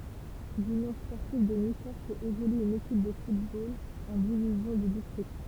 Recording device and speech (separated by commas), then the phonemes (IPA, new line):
temple vibration pickup, read sentence
lynjɔ̃ spɔʁtiv də nikɔʁ fɛt evolye yn ekip də futbol ɑ̃ divizjɔ̃ də distʁikt